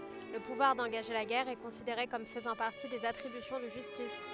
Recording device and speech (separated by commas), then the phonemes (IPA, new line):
headset microphone, read sentence
lə puvwaʁ dɑ̃ɡaʒe la ɡɛʁ ɛ kɔ̃sideʁe kɔm fəzɑ̃ paʁti dez atʁibysjɔ̃ də ʒystis